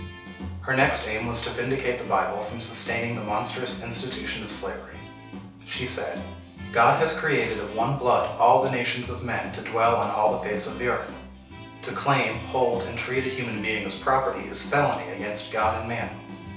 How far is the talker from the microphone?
3.0 m.